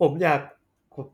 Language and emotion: Thai, sad